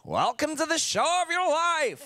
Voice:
carnival barker tones